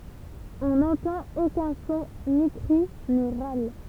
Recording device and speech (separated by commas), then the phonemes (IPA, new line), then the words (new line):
temple vibration pickup, read sentence
ɔ̃ nɑ̃tɑ̃t okœ̃ sɔ̃ ni kʁi ni ʁal
On n'entend aucun son, ni cri, ni râle.